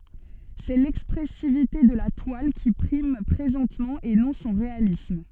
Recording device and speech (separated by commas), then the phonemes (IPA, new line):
soft in-ear microphone, read sentence
sɛ lɛkspʁɛsivite də la twal ki pʁim pʁezɑ̃tmɑ̃ e nɔ̃ sɔ̃ ʁealism